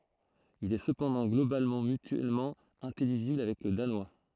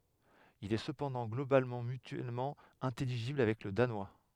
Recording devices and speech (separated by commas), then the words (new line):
throat microphone, headset microphone, read sentence
Il est cependant globalement mutuellement intelligible avec le danois.